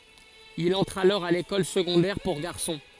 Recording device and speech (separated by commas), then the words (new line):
forehead accelerometer, read sentence
Il entre alors à l'école secondaire pour garçons.